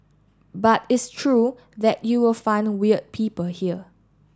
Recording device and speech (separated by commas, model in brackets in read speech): standing microphone (AKG C214), read sentence